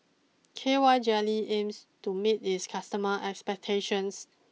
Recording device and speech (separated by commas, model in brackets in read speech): mobile phone (iPhone 6), read sentence